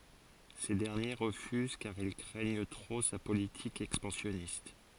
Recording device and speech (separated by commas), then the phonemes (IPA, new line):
forehead accelerometer, read sentence
se dɛʁnje ʁəfyz kaʁ il kʁɛɲ tʁo sa politik ɛkspɑ̃sjɔnist